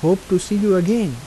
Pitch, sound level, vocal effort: 190 Hz, 84 dB SPL, soft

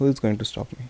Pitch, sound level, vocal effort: 120 Hz, 75 dB SPL, soft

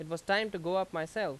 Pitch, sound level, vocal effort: 185 Hz, 91 dB SPL, very loud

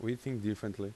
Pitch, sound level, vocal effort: 105 Hz, 85 dB SPL, normal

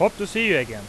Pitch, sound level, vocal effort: 200 Hz, 96 dB SPL, loud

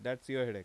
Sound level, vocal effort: 90 dB SPL, normal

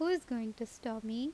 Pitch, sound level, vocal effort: 235 Hz, 82 dB SPL, normal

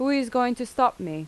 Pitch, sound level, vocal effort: 245 Hz, 87 dB SPL, normal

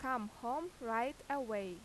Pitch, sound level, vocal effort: 245 Hz, 87 dB SPL, loud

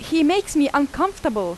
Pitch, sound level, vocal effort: 305 Hz, 89 dB SPL, very loud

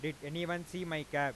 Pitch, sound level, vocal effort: 155 Hz, 95 dB SPL, loud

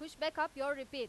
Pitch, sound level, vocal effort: 295 Hz, 98 dB SPL, very loud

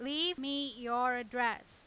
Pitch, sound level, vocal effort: 250 Hz, 97 dB SPL, very loud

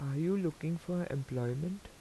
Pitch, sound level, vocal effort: 165 Hz, 80 dB SPL, soft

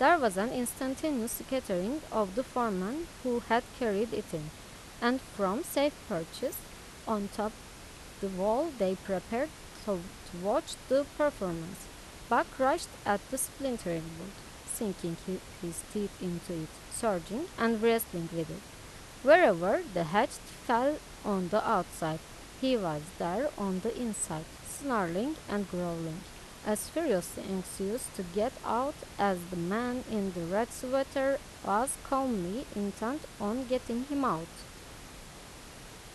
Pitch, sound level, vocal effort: 215 Hz, 84 dB SPL, normal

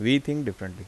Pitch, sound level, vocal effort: 115 Hz, 82 dB SPL, normal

